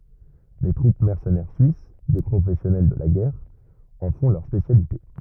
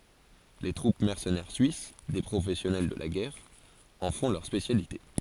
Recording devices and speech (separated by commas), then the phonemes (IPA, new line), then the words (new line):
rigid in-ear microphone, forehead accelerometer, read sentence
le tʁup mɛʁsənɛʁ syis de pʁofɛsjɔnɛl də la ɡɛʁ ɑ̃ fɔ̃ lœʁ spesjalite
Les troupes mercenaires suisses, des professionnels de la guerre, en font leur spécialité.